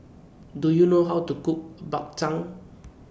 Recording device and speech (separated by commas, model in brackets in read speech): boundary microphone (BM630), read sentence